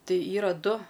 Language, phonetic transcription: Lithuanian, ˈtai ˈyra ˈdu

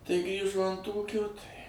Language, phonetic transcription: Lithuanian, tai ˈgrįžo ant ˈūkio tai

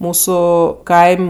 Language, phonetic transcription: Lithuanian, ˈmūsu ˈkaim'

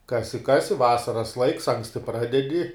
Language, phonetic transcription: Lithuanian, ˈkasi ˈkasi ˈvasaras laiks ˈanksti ˈpradedi

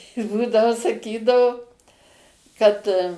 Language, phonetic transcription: Lithuanian, ˈbūdavo saˈkydavo ˈkad

